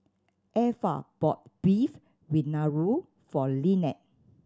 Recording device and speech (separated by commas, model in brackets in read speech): standing microphone (AKG C214), read sentence